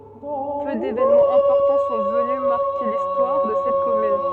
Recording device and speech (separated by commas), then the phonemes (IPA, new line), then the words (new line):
soft in-ear microphone, read sentence
pø devenmɑ̃z ɛ̃pɔʁtɑ̃ sɔ̃ vəny maʁke listwaʁ də sɛt kɔmyn
Peu d'événements importants sont venus marquer l'histoire de cette commune.